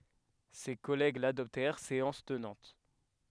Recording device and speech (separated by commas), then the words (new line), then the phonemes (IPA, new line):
headset microphone, read sentence
Ses collègues l’adoptèrent séance tenante.
se kɔlɛɡ ladɔptɛʁ seɑ̃s tənɑ̃t